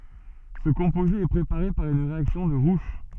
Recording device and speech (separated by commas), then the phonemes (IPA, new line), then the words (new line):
soft in-ear microphone, read sentence
sə kɔ̃poze ɛ pʁepaʁe paʁ yn ʁeaksjɔ̃ də ʁuʃ
Ce composé est préparé par une réaction de Roush.